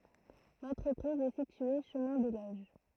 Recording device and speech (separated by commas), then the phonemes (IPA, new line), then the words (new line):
throat microphone, read sentence
lɑ̃tʁəpʁiz ɛ sitye ʃəmɛ̃ de loʒ
L'entreprise est située chemin des Loges.